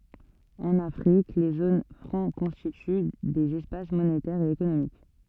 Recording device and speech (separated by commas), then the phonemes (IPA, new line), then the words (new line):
soft in-ear microphone, read sentence
ɑ̃n afʁik le zon fʁɑ̃ kɔ̃stity dez ɛspas monetɛʁz e ekonomik
En Afrique, les zones franc constituent des espaces monétaires et économiques.